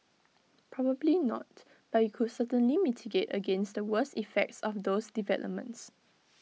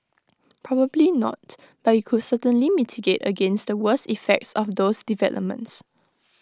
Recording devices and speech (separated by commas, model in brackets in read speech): mobile phone (iPhone 6), close-talking microphone (WH20), read sentence